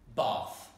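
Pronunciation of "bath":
'bath' is said with a British English pronunciation.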